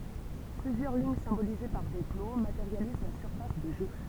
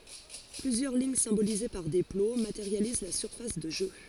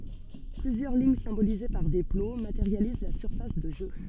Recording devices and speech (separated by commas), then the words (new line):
temple vibration pickup, forehead accelerometer, soft in-ear microphone, read sentence
Plusieurs lignes symbolisées par des plots, matérialisent la surface de jeu.